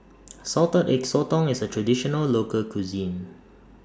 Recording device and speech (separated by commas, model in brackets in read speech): standing microphone (AKG C214), read sentence